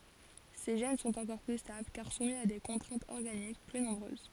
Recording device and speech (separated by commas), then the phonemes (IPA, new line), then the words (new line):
forehead accelerometer, read sentence
se ʒɛn sɔ̃t ɑ̃kɔʁ ply stabl kaʁ sumi a de kɔ̃tʁɛ̃tz ɔʁɡanik ply nɔ̃bʁøz
Ces gènes sont encore plus stables car soumis à des contraintes organiques plus nombreuses.